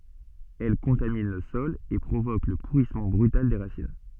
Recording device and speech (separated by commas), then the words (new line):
soft in-ear microphone, read sentence
Elle contamine le sol et provoque le pourrissement brutal des racines.